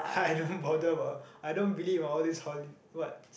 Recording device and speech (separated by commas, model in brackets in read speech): boundary microphone, conversation in the same room